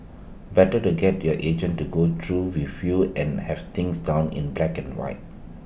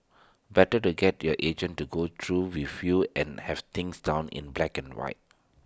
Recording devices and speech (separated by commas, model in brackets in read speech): boundary microphone (BM630), standing microphone (AKG C214), read sentence